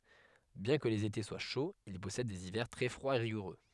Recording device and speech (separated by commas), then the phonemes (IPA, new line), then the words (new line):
headset microphone, read sentence
bjɛ̃ kə lez ete swa ʃoz il pɔsɛd dez ivɛʁ tʁɛ fʁwaz e ʁiɡuʁø
Bien que les étés soient chauds, il possède des hivers très froids et rigoureux.